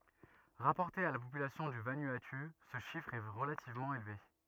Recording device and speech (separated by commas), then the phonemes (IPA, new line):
rigid in-ear microphone, read sentence
ʁapɔʁte a la popylasjɔ̃ dy vanuatu sə ʃifʁ ɛ ʁəlativmɑ̃ elve